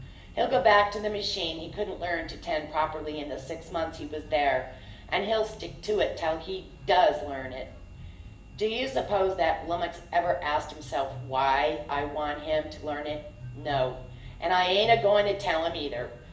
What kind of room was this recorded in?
A spacious room.